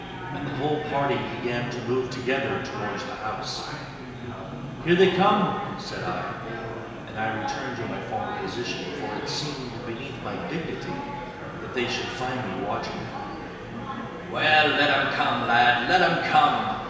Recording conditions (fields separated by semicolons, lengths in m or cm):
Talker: one person; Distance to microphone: 1.7 m; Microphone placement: close; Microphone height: 1.0 m; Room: very reverberant, large; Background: babble